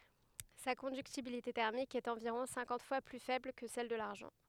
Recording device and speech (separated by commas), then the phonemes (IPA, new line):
headset microphone, read sentence
sa kɔ̃dyktibilite tɛʁmik ɛt ɑ̃viʁɔ̃ sɛ̃kɑ̃t fwa ply fɛbl kə sɛl də laʁʒɑ̃